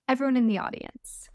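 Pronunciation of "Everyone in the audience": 'Everyone in the audience' is said as a quick run of short syllables.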